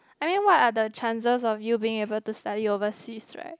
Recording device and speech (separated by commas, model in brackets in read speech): close-talking microphone, conversation in the same room